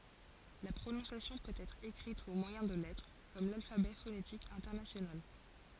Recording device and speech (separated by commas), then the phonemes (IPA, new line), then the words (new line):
forehead accelerometer, read sentence
la pʁonɔ̃sjasjɔ̃ pøt ɛtʁ ekʁit o mwajɛ̃ də lɛtʁ kɔm lalfabɛ fonetik ɛ̃tɛʁnasjonal
La prononciation peut être écrite au moyen de lettres, comme l'alphabet phonétique international.